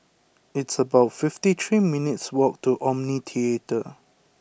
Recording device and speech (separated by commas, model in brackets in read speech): boundary microphone (BM630), read sentence